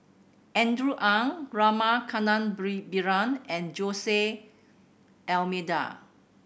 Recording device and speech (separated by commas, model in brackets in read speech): boundary microphone (BM630), read sentence